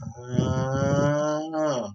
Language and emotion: Thai, neutral